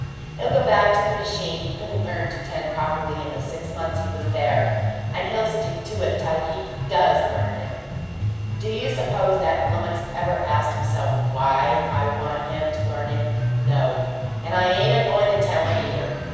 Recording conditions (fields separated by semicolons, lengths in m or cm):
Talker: one person; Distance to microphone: 7.1 m; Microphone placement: far; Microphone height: 1.7 m; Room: very reverberant, large; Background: music